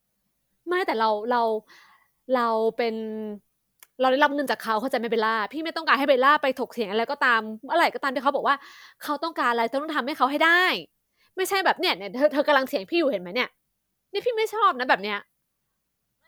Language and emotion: Thai, frustrated